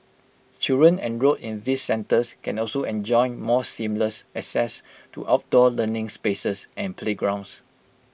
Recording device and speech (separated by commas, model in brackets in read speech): boundary microphone (BM630), read sentence